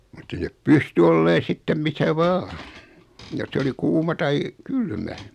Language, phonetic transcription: Finnish, mut't ‿ei nep "pysty olleen̬ 'sittem 'misä "vaa , 'jos se oli 'kuuma tai , "kylmä .
- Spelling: mutta ei ne pystyi olemaan sitten missä vain jos se oli kuuma tai kylmä

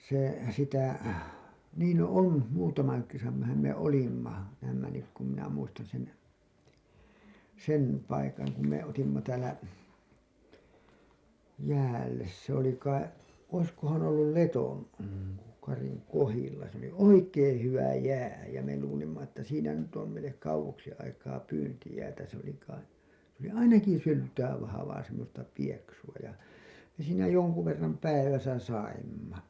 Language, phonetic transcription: Finnish, se , sitä , niin no "on , muutamaŋ (kerranham) me "olimma , näämmä nyk kum minä 'muistan sen , "sen , 'paikaŋ ku me otimma täälä , 'jäälles se ‿oli kai , oiskohan ollul "Leton- , -'Kariŋ "kohilla se ‿oli "oikeeḛ 'hyvä "jää jä me luulimma että siinä nyt om meil̆lek 'kauwoksi aikaa "pyyntijäätä se ‿oli kai , s ‿oli "ainaki 'syltää vahavaa semmosta 'pieksu₍a ja , me siinä 'jonku verram "päiväsä 'saimma .
- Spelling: se sitä niin no on muutaman kerranhan me olimme näemme nyt kun minä muistan sen sen paikan kun me otimme täällä jäälle se oli kai olisikohan ollut - Letonkarin kohdilla se oli oikein hyvä jää ja me luulimme että siinä nyt on meille kauaksi aikaa pyyntijäätä se oli kai se oli ainakin syltä vahvaa semmoista pieksua ja me siinä jonkun verran päivässä saimme

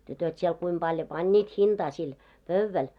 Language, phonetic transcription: Finnish, tytöt siel 'kuim ʙaljo "pańńiit 'hinᴅaa sil , "pövväl .
- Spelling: tytöt siellä kuinka paljon panivat hintaa sille pöydälle

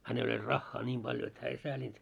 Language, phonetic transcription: Finnish, hänel oĺ 'raχχaa 'ńiim ʙaljo et hää ei 'sääĺint .
- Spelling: hänellä oli rahaa niin paljon että hän ei säälinyt

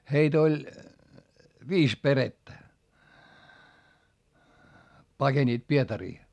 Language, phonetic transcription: Finnish, heit ‿oĺ , viis perettä , pakeńiit Pietarii .
- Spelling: heitä oli viisi perhettä pakenivat Pietariin

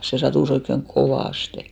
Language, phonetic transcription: Finnish, se 'satùs ‿oikkeŋ "kovàste .
- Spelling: se sattui oikein kovasti

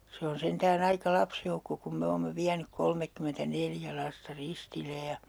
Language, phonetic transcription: Finnish, se on 'sentää'n ‿aika "lapsjoukko kum 'me oomme 'viänyk 'kolmekkymentä'neljä 'lasta "ristile ja , .
- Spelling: se on sentään aika lapsijoukko kun me olemme vienyt kolmekymmentäneljä lasta ristille ja

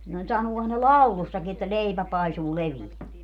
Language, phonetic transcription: Finnish, no 'sanuohan ne "laulussaki että » "leipä 'paisuu 'leviä » .
- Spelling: no sanoohan ne laulussakin että leipä paisuu leveä

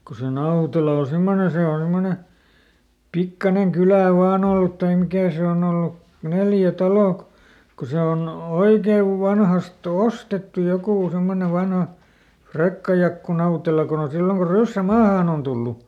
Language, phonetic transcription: Finnish, ko se "Nautela o ˈsemmone se on̬ ˈsemmone , ˈpikkaneŋ "kylä̀ ˈvaan ‿ollut taim ˈmikä̀ se on ‿ollu , "neljä "talò kᵒ , ko ˈse on , ˈoikev ˈvanhast ‿"ostettu ˈjokù ˈsemmone ˈvanha , ˈFrekkajakku ˈNautela kon ‿on ˈsilloŋ ko ˈryssä "maahàn ‿on ˈtullu .
- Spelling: kun se Nautela on semmoinen se on semmoinen pikkuinen kylä vain ollut tai mikä se on ollut neljä taloa kun kun se on oikein vanhasta ostettu joku semmoinen vanha Frekkajakku Nautela kun on silloin kun ryssä maahan on tullut

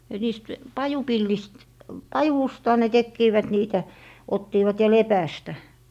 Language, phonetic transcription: Finnish, et niist , "pajupillist , "pajusta ne 'tekkiivät niitä , 'ottiivat ja "lepästä .
- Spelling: että niistä pajupilleistä pajusta ne tekivät niitä ottivat ja lepästä

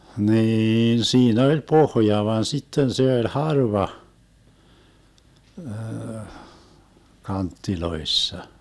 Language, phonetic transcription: Finnish, 'hniin 'sii'n ‿oĺ "pohja van 'sitten se oĺ "harva , 'kanttiloissa .
- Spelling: niin siinä oli pohja vaan sitten se oli harva kanteissa

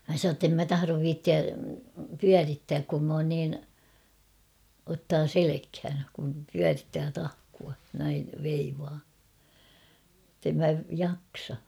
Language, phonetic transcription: Finnish, mä sanoo ‿ttem mä 'taharov 'viittiä , "pyärittääk kum m ‿oon niin , ottaa "selekhän , kum 'pyärittää 'tahkua , näiv 'veivaa , [et]tem mä "jaksa .
- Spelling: minä sanoin että en minä tahdo viitsiä pyörittää kun minä olen niin ottaa selkään kun pyörittää tahkoa näin veivaa että en minä jaksa

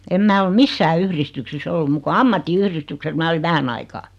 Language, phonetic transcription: Finnish, em 'mä ol "missää 'yhristyksis's ‿ollu muk ko "ammatti"yhristykses mää oliv 'vähän ‿aikaa .
- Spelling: en minä ole missään yhdistyksissä ollut muuta kuin ammattiyhdistyksessä minä olin vähän aikaa

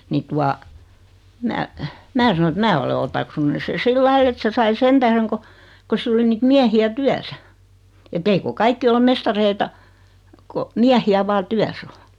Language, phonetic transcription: Finnish, 'ni tua , "mä , "mää sano et » "mää ole 'otaksunnu se 'sillai et 'se sai "sen tähreŋ ko , ko 'sill ‿oli niit 'miähi₍ä "tyäsä , et't ‿eiko 'kaikki ole 'mestareita , ko , 'miähi₍ä 'vaa "tyäs ‿o ? «
- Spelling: niin tuota minä minä sanoin että minä olen otaksunut sen sillä lailla että se sai sen tähden kun kun sillä oli niitä miehiä työssä että eikö kaikki ole mestareita kun miehiä vain työssä on

